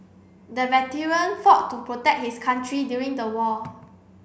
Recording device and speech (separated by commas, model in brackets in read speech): boundary microphone (BM630), read sentence